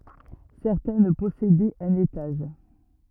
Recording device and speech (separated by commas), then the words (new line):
rigid in-ear microphone, read sentence
Certaines possédaient un étage.